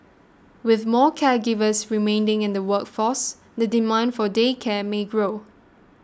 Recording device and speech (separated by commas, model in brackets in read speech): standing microphone (AKG C214), read sentence